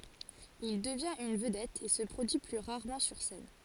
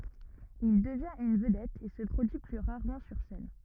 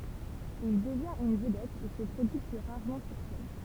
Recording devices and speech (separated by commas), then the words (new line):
forehead accelerometer, rigid in-ear microphone, temple vibration pickup, read sentence
Il devient une vedette et se produit plus rarement sur scène.